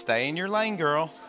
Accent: Southern accent